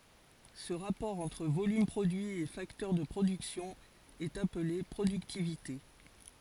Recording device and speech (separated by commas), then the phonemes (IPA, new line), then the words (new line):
forehead accelerometer, read sentence
sə ʁapɔʁ ɑ̃tʁ volym pʁodyi e faktœʁ də pʁodyksjɔ̃ ɛt aple pʁodyktivite
Ce rapport entre volume produit et facteur de production est appelé productivité.